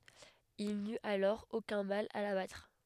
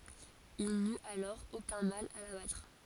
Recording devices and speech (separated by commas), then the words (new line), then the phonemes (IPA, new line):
headset microphone, forehead accelerometer, read sentence
Il n'eut alors aucun mal à la battre.
il nyt alɔʁ okœ̃ mal a la batʁ